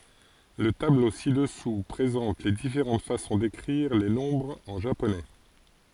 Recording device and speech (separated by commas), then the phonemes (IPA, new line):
forehead accelerometer, read sentence
lə tablo si dəsu pʁezɑ̃t le difeʁɑ̃t fasɔ̃ dekʁiʁ le nɔ̃bʁz ɑ̃ ʒaponɛ